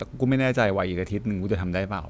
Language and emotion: Thai, neutral